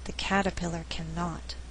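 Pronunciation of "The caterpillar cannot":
In 'The caterpillar cannot', the emphasis falls on 'cannot'.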